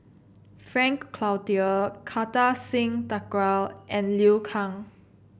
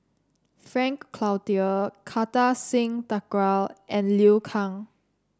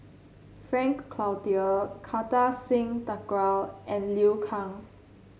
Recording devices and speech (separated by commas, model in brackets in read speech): boundary microphone (BM630), standing microphone (AKG C214), mobile phone (Samsung C7), read sentence